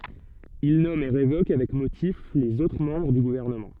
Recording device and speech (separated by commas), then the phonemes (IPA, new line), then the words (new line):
soft in-ear microphone, read sentence
il nɔm e ʁevok avɛk motif lez otʁ mɑ̃bʁ dy ɡuvɛʁnəmɑ̃
Il nomme et révoque, avec motif, les autres membres du gouvernement.